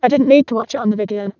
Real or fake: fake